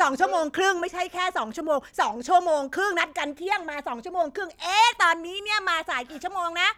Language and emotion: Thai, angry